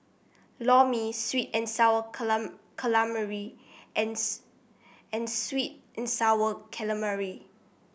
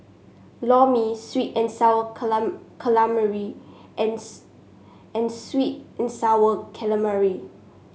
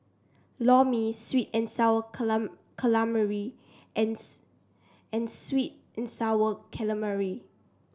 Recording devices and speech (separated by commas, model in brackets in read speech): boundary microphone (BM630), mobile phone (Samsung S8), standing microphone (AKG C214), read sentence